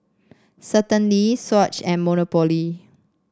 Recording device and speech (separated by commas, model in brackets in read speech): standing microphone (AKG C214), read sentence